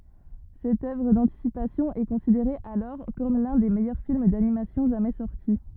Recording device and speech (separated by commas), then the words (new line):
rigid in-ear microphone, read sentence
Cette œuvre d'anticipation est considérée alors comme l'un des meilleurs films d'animation jamais sorti.